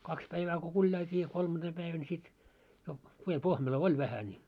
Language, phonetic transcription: Finnish, 'kaks päivää ku 'kuĺjailt́ii ja 'kolmanᴅeem päivän sit , jo , 'piem 'pohmelo "oi vähä ńi .
- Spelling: kaksi päivää kun kuljailtiin ja kolmantena päivänä sitten jo pieni pohmelo oli vähän niin

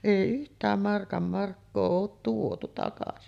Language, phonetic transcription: Finnish, 'èi 'yht̀ääm markam markkoo oot 'tuotu takasi .
- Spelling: ei yhtään markan markkaa ole tuotu takaisin

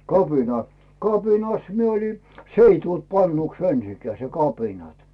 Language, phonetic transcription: Finnish, 'kapina , "kapinas mie oli , "s ‿ei tult pannuks 'ensikää se 'kapinat .
- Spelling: kapina kapinassa minä olin se ei tullut pannuksi ensinkään se kapinat

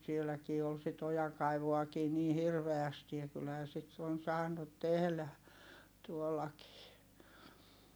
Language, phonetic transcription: Finnish, sieläkii ol sit ‿ojaŋkaivuakii nii hirveästi ja kylhää sit on saanut tehlä , tuollakii .
- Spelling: sielläkin oli sitä ojankaivuutakin niin hirveästi ja kyllähän sitä on saanut tehdä tuollakin

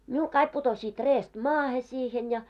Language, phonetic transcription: Finnish, miul 'kaik putosiit 'reest "maahe 'siihen ja .
- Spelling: minulla kaikki putosivat reestä maahan siihen ja

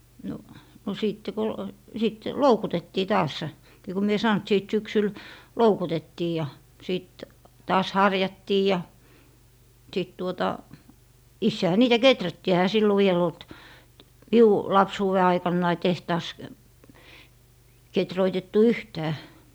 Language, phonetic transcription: Finnish, no , no sìtte ko , 'sit , "loukutettii 'taas , ni ku mie sàn ‿t sìt 'syksyl , "loukutettii ja , sìt taas "harjattii ja , sìt tuota , 'issehä niitä "keträttii ehä 'sillo viel ‿olt , "miu , 'lapsuuwe 'aikannai 'tehtaas , 'ketroitettu "yhtää .
- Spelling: no no sitten kun sitten loukutettiin taas niin kun minä sanoin että sitten syksyllä loukutettiin ja sitten taas harjattiin ja sitten tuota itsehän niitä kehrättiin eihän silloin vielä ollut minun lapsuuden aikanani tehtaassa kehruutettu yhtään

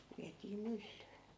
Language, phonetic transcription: Finnish, 'viätii "myllyy .
- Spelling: vietiin myllyyn

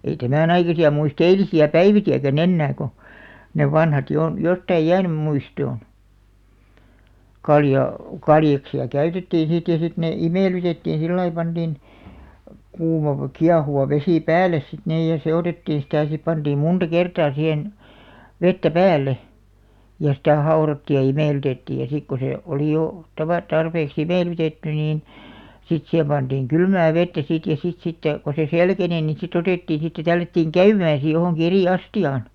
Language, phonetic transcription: Finnish, ei "tämän ‿aikasi₍a 'muis"t ‿eilisi₍ä "päiviki₍äkä'n ‿ennää ko , nev̆§ 'vanhat jo on , 'jottaij 'jäänym 'muistoon , 'kaljà- , "kaljaksi₍a 'käytettiiḭ sit ja sit nè , "imèlytettiin̬ 'sillai 'panᴅìn , kuum(ava) , 'kiahuva vesì "pääl̆§les sit niij ja 'se₍otettiiḭ sitä̀ ja 'sip panᴅiim "munᴅa "kertaa 'sihen , 'vettä "päälle , ja sitä̀§ 'hao̭rottiij ja 'imèlytettiij ja sik ko 'sè , 'olì jo , tava- , 'tarpeek"s ‿imèlytetty niin , 'sit sihem panᴅiiŋ 'kylmää "vettä sit ja 'sit sitte , ko se "selkeni ni 'sit ‿otèttiin̬ sitte 'tällättiiŋ "käymään̬ si johòŋki 'eri "asti₍aan .
- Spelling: ei tämän aikaisia muista eilisiä päiviäkään enää kun ne vanhat jo on jotakin jäänyt muistoon - kaljaksia käytettiin sitten ja sitten ne imellytettiin sillä lailla pantiin kuuma kiehuva vesi päälle sitten niin ja sekoitettiin sitä ja sinne pantiin monta kertaa siihen vettä päälle ja sitä haudottiin ja imellytettiin ja sitten kun se oli jo - tarpeeksi imellytetty niin sitten siihen pantiin kylmää vettä sitten ja sitten sitten kun se selkeni niin sitten otettiin sitten tällättiin käymään sitten johonkin eri astiaan

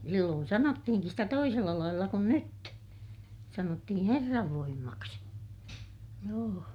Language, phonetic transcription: Finnish, silloon sanottihiŋkis sitä toisella lailla kun nyt , sanottihiḭ Herrav voimmaksi , joo .
- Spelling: silloin sanottiinkin sitä toisella lailla kuin nyt sanottiin Herran voimaksi joo

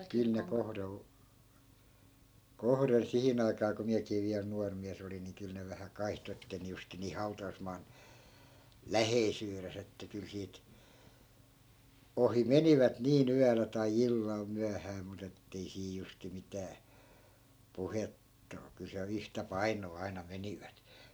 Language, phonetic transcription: Finnish, 'kyl ne kohdol , 'kohden 'sihin ‿aikaa ko 'miäkii viäl 'nuar miäs ‿olin ni 'kyl ne vähä 'kaihto ettei ne 'justin nih 'hau̬ta₍usmaan , "läheisyyres ‿että 'kyl siit , 'ohi "menivät nii'n ‿yälä tai 'illal 'myähää mut ‿ettei sii justi 'mitää , "puhettᵃ o- , kyl siä(l) 'yhtä "painoo 'aina "menivät .
- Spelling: kyllä ne kohdalla kohden siihen aikaan kun minäkin vielä nuori mies olin niin kyllä ne vähän kaihtoi että ei ne justiin niin hautausmaan läheisyydessä että kyllä siitä ohi menivät niin yöllä tai illalla myöhään mutta että ei siinä justiin mitään puhetta - kyllä siellä yhtä painoa aina menivät

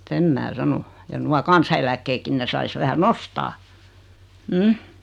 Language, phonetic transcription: Finnish, 'sem mää "sano , ja nua 'kansa₍eläkkeekkin ne 'sais vähä "nostaa , "m̥ .
- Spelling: sen minä sanon ja nuo kansaneläkkeetkin ne saisi vähän nostaa mm

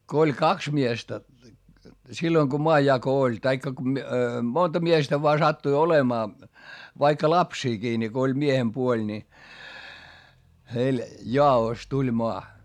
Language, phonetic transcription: Finnish, ko oĺ kaks miestä , silloiŋ ko moajjako oĺ , taikka ku mi- , monta miestä voa sattui olemaa , vaikka lapsiikii ni , ko oĺ miehempuoĺ ńi , heil jaa₍òs tuĺ moa .
- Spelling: kun oli kaksi miestä silloin kun maanjako oli tai kun - monta miestä vain sattui olemaan vaikka lapsiakin niin kun oli miehenpuoli niin heille jaossa tuli maa

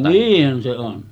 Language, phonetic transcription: Finnish, 'niihhän se 'on .
- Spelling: niinhän se on

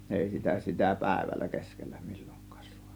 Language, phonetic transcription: Finnish, 'ˀèi sitä sitä "pä̀ėvällä 'keskellÄ MILLOИk̆kAAs sUANU .
- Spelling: ei sitä sitä päivällä keskellä milloinkaan saanut

